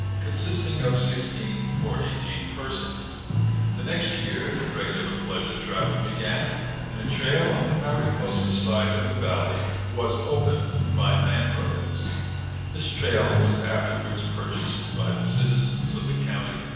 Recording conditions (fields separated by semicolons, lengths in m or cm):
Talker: one person; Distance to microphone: 7.1 m; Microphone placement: far; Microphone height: 1.7 m; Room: very reverberant, large; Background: music